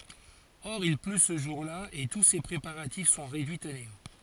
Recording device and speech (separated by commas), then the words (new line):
forehead accelerometer, read sentence
Or il pleut ce jour-là et tous ses préparatifs sont réduits à néant.